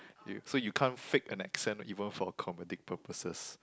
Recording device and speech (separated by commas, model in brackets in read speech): close-talking microphone, conversation in the same room